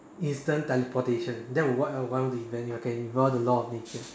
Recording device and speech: standing microphone, conversation in separate rooms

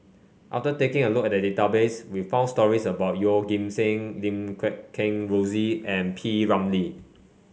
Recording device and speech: mobile phone (Samsung C5), read sentence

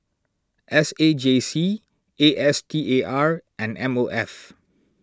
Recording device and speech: standing microphone (AKG C214), read sentence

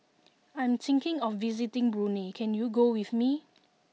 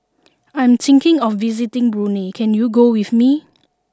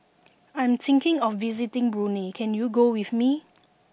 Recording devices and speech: mobile phone (iPhone 6), standing microphone (AKG C214), boundary microphone (BM630), read sentence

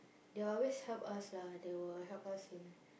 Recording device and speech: boundary microphone, conversation in the same room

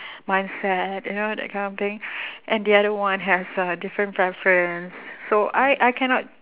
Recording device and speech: telephone, conversation in separate rooms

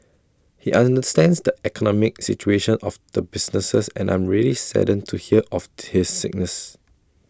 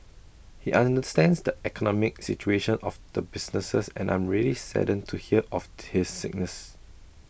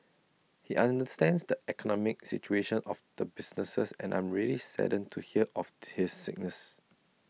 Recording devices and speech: standing microphone (AKG C214), boundary microphone (BM630), mobile phone (iPhone 6), read sentence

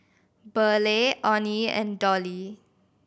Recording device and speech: boundary microphone (BM630), read sentence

